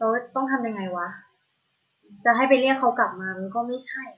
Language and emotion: Thai, frustrated